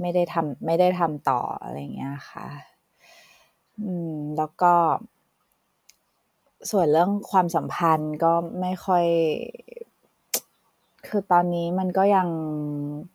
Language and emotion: Thai, frustrated